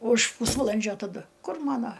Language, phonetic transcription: Lithuanian, už ˈpūsvalandžio taˈdu ˈkur ˈmano

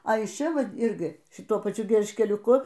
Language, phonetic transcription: Lithuanian, a iš ˈčia ˈvat ˈirgi šiˈtuo paˈčiu gelžkeliuˈku

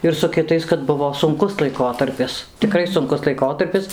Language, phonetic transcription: Lithuanian, ir su kiˈtais kad ˈbuvo sunˈkus laiˈkotarpis tiˈkrai sunˈkus laiˈkotarpis

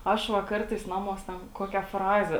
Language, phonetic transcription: Lithuanian, ˈaš ˈva ˈkartais ˈnamuos ten ˈkokia ˈfraze

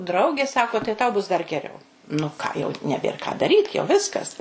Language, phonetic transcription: Lithuanian, ˈdraugė ˈsako tai tau bus dar geˈriau nu ˈką jau neˈbėr ką daˈryt jau ˈviskas

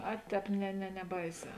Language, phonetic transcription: Lithuanian, ˈa ˈtēp ne ne neˈbaiˌsē

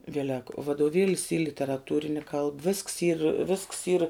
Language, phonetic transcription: Lithuanian, ˈvielek vadoˈvėlis y literaˈtūrini kalb visks yr visks yr

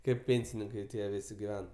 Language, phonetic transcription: Lithuanian, kaip ˈpėnsininkai ˈtie ˈvisi giˈven

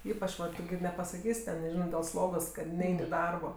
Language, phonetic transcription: Lithuanian, ˈypač ˈvat ˈtu gi nepasaˈkys' ˈten neˈžino dėl ˈslogos kad ˈnein' i ˈdarbo

